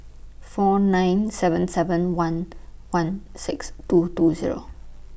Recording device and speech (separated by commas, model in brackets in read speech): boundary microphone (BM630), read sentence